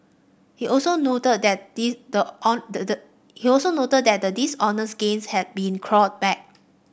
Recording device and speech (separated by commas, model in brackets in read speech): boundary microphone (BM630), read sentence